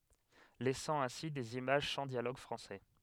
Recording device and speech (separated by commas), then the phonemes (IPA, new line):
headset microphone, read sentence
lɛsɑ̃ ɛ̃si dez imaʒ sɑ̃ djaloɡ fʁɑ̃sɛ